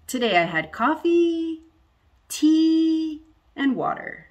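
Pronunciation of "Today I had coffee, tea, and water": The voice goes up on 'coffee' and on 'tea', then goes down at the end on 'water'.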